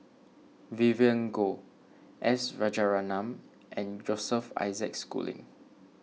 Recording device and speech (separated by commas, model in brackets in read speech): mobile phone (iPhone 6), read sentence